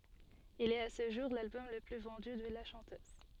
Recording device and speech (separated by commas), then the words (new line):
soft in-ear microphone, read sentence
Il est à ce jour l'album le plus vendu de la chanteuse.